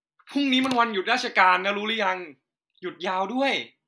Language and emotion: Thai, happy